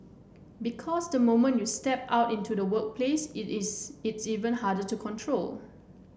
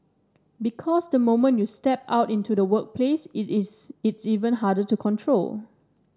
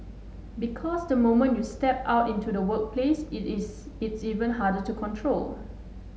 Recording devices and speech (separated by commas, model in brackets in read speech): boundary microphone (BM630), standing microphone (AKG C214), mobile phone (Samsung S8), read sentence